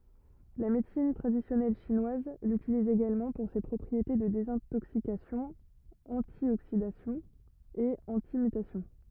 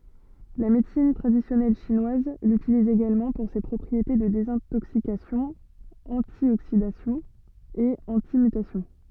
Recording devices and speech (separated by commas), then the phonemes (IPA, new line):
rigid in-ear microphone, soft in-ear microphone, read sentence
la medəsin tʁadisjɔnɛl ʃinwaz lytiliz eɡalmɑ̃ puʁ se pʁɔpʁiete də dezɛ̃toksikasjɔ̃ ɑ̃tjoksidasjɔ̃ e ɑ̃timytasjɔ̃